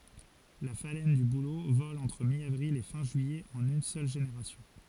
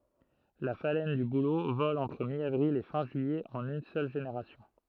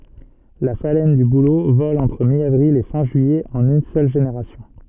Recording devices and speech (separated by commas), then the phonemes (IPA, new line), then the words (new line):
forehead accelerometer, throat microphone, soft in-ear microphone, read sentence
la falɛn dy bulo vɔl ɑ̃tʁ mjavʁil e fɛ̃ ʒyijɛ ɑ̃n yn sœl ʒeneʁasjɔ̃
La phalène du bouleau vole entre mi-avril et fin juillet en une seule génération.